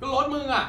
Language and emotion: Thai, angry